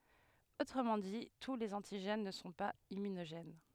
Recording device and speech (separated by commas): headset microphone, read sentence